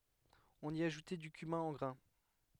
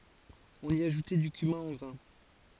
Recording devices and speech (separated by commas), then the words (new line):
headset microphone, forehead accelerometer, read sentence
On y ajoutait du cumin en grains.